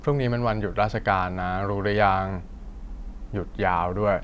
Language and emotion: Thai, frustrated